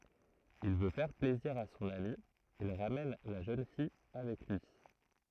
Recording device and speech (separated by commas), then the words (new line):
throat microphone, read sentence
Il veut faire plaisir à son ami, il ramène la jeune fille avec lui.